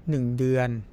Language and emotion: Thai, neutral